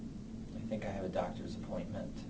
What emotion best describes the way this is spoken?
neutral